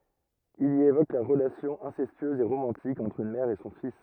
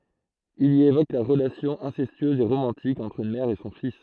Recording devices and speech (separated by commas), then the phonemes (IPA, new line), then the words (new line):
rigid in-ear microphone, throat microphone, read sentence
il i evok la ʁəlasjɔ̃ ɛ̃sɛstyøz e ʁomɑ̃tik ɑ̃tʁ yn mɛʁ e sɔ̃ fis
Il y évoque la relation incestueuse et romantique entre une mère et son fils.